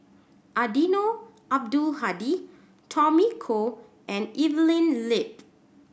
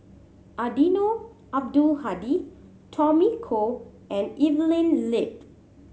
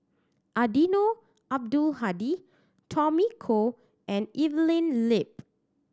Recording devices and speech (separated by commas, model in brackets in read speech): boundary microphone (BM630), mobile phone (Samsung C7100), standing microphone (AKG C214), read sentence